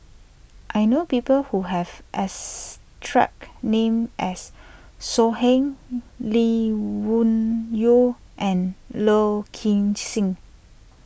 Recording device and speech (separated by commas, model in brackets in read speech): boundary microphone (BM630), read sentence